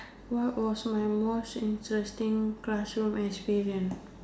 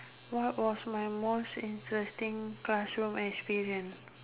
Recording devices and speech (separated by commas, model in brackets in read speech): standing microphone, telephone, conversation in separate rooms